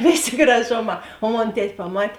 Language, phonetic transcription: Lithuanian, ˈvėˌsė graˈžoˌmā o ˈmon ˈtet' paˈmat'

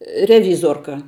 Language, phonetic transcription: Lithuanian, reˈvyzorka

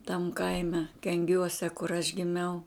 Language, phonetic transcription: Lithuanian, tam ˈkaime kenˈgiuose kur aš giˈmiau

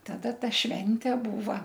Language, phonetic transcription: Lithuanian, taˈda ˈta ˈšvente ˈbūva

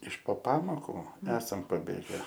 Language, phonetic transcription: Lithuanian, iš po ˈpamokų ˈesam paˈbėge

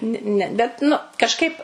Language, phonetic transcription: Lithuanian, ni ˈne bet ˈnu kažˈkaip

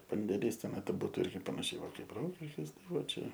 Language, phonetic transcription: Lithuanian, pandėˈlys ˈtenai tai ˈbūtu ˈirgi panaˈšiai ˈva ˈkaip ˈrokiškis ˈtai ˈvat ˈčia

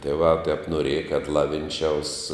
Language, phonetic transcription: Lithuanian, tieˈvā tep noˈrieja kad ˈlavinˌčiaus

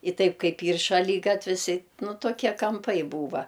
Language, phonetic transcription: Lithuanian, i ˈtaip ˈkaip ˈyr šaˈlygatvis i ˈnu toˈkie kamˈpai ˈbūva

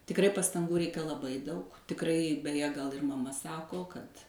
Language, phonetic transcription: Lithuanian, tikˈrai pastanˈgų ˈreika laˈbai ˈdaug tikˈrai beˈje gal ir maˈma ˈsako kad

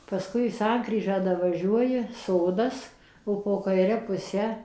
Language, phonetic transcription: Lithuanian, paˈskui ˈsankryžą davaˈžiuoji ˈsodas o po kaiˈre puˈse

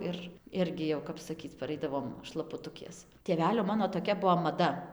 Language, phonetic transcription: Lithuanian, ˈir ˈirgi jau kap saˈkyc paˈraidavom šlapuˈtukės tėˈvelio ˈmano toˈkia ˈbuo maˈda

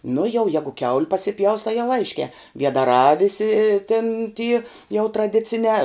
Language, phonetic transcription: Lithuanian, nu jau ˈjegu kiaul' pasiˈpjaus tai jau ˈaiškē viedaˈrā ˈvisi tin ty jau traˈdicinē

